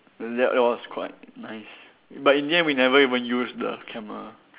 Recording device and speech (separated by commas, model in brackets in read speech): telephone, conversation in separate rooms